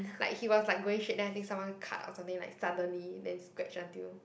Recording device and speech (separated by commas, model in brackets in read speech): boundary microphone, conversation in the same room